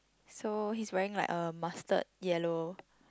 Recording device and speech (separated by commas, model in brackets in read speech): close-talking microphone, conversation in the same room